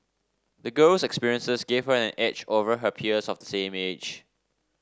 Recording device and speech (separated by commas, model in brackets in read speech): standing microphone (AKG C214), read sentence